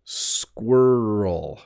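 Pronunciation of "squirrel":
'Squirrel' is said slowly.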